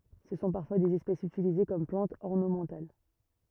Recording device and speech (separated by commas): rigid in-ear microphone, read sentence